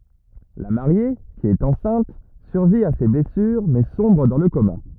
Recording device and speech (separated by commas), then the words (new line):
rigid in-ear microphone, read sentence
La Mariée, qui est enceinte, survit à ses blessures mais sombre dans le coma.